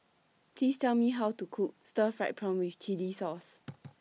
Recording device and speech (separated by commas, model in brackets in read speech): mobile phone (iPhone 6), read sentence